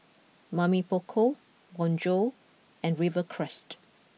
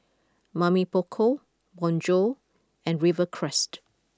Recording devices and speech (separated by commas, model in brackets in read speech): mobile phone (iPhone 6), close-talking microphone (WH20), read sentence